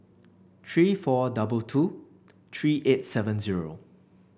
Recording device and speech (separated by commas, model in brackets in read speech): boundary microphone (BM630), read sentence